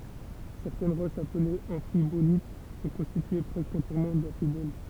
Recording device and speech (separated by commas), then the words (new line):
temple vibration pickup, read sentence
Certaines roches appelées amphibolites sont constituées presque entièrement d'amphiboles.